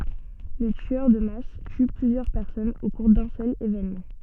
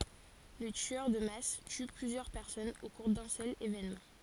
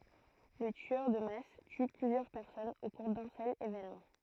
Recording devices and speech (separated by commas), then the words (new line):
soft in-ear microphone, forehead accelerometer, throat microphone, read sentence
Le tueur de masse tue plusieurs personnes au cours d'un seul événement.